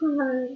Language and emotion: Thai, sad